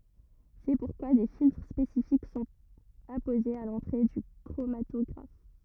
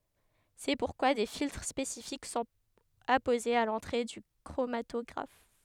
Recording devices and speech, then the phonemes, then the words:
rigid in-ear microphone, headset microphone, read sentence
sɛ puʁkwa de filtʁ spesifik sɔ̃t apozez a lɑ̃tʁe dy kʁomatɔɡʁaf
C'est pourquoi des filtres spécifiques sont apposés à l'entrée du chromatographe.

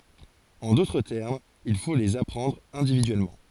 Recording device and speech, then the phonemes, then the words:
forehead accelerometer, read sentence
ɑ̃ dotʁ tɛʁmz il fo lez apʁɑ̃dʁ ɛ̃dividyɛlmɑ̃
En d'autres termes, il faut les apprendre individuellement.

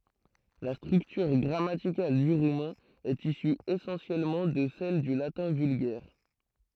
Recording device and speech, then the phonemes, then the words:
throat microphone, read sentence
la stʁyktyʁ ɡʁamatikal dy ʁumɛ̃ ɛt isy esɑ̃sjɛlmɑ̃ də sɛl dy latɛ̃ vylɡɛʁ
La structure grammaticale du roumain est issue essentiellement de celle du latin vulgaire.

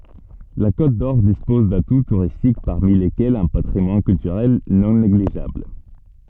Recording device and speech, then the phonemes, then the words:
soft in-ear microphone, read sentence
la kotdɔʁ dispɔz datu tuʁistik paʁmi lekɛlz œ̃ patʁimwan kyltyʁɛl nɔ̃ neɡliʒabl
La Côte-d'Or dispose d'atouts touristiques parmi lesquels un patrimoine culturel non négligeable.

